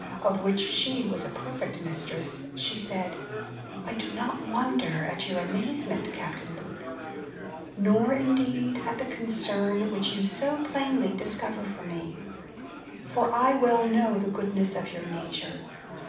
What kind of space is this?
A medium-sized room.